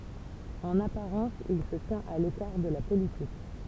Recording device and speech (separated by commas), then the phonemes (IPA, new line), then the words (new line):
temple vibration pickup, read sentence
ɑ̃n apaʁɑ̃s il sə tjɛ̃t a lekaʁ də la politik
En apparence, il se tient à l'écart de la politique.